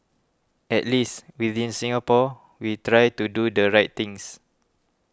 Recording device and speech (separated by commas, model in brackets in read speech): close-talking microphone (WH20), read sentence